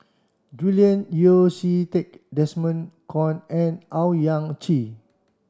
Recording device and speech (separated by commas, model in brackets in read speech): standing microphone (AKG C214), read sentence